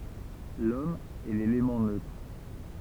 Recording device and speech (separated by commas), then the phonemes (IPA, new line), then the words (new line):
temple vibration pickup, read sentence
lɔm ɛ lelemɑ̃ nøtʁ
L’Homme est l’élément neutre.